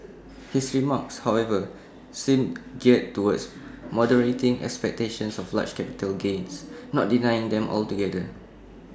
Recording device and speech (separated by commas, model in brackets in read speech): standing microphone (AKG C214), read sentence